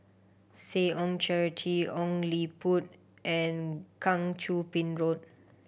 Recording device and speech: boundary microphone (BM630), read sentence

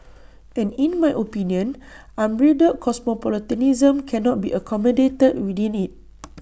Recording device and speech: boundary microphone (BM630), read sentence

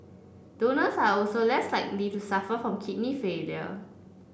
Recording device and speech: boundary microphone (BM630), read sentence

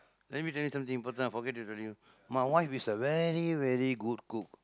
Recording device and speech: close-talking microphone, conversation in the same room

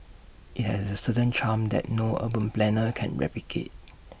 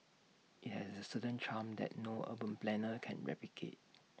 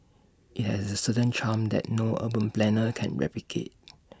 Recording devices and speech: boundary microphone (BM630), mobile phone (iPhone 6), standing microphone (AKG C214), read sentence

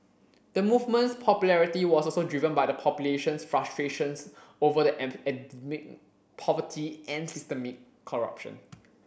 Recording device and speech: boundary microphone (BM630), read sentence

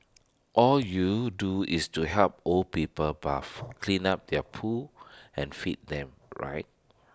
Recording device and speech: standing microphone (AKG C214), read sentence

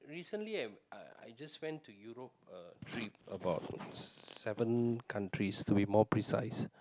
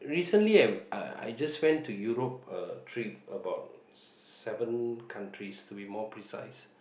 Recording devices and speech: close-talking microphone, boundary microphone, conversation in the same room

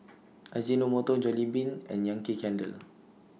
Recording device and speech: mobile phone (iPhone 6), read sentence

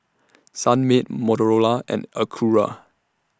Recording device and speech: standing microphone (AKG C214), read sentence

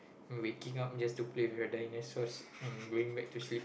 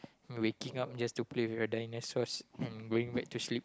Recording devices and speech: boundary microphone, close-talking microphone, conversation in the same room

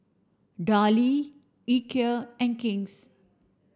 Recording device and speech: standing microphone (AKG C214), read sentence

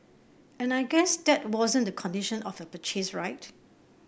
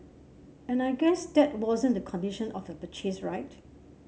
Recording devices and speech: boundary microphone (BM630), mobile phone (Samsung C7), read sentence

